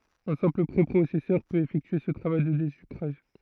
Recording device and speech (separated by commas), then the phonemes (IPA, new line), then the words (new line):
throat microphone, read sentence
œ̃ sɛ̃pl pʁepʁosɛsœʁ pøt efɛktye sə tʁavaj də dezykʁaʒ
Un simple préprocesseur peut effectuer ce travail de désucrage.